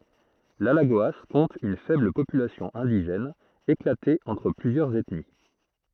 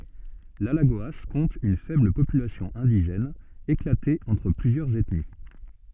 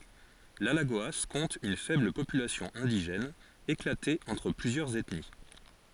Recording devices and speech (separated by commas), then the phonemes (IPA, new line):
throat microphone, soft in-ear microphone, forehead accelerometer, read sentence
lalaɡoa kɔ̃t yn fɛbl popylasjɔ̃ ɛ̃diʒɛn eklate ɑ̃tʁ plyzjœʁz ɛtni